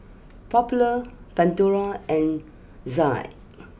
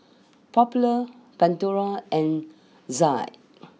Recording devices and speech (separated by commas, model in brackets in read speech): boundary microphone (BM630), mobile phone (iPhone 6), read sentence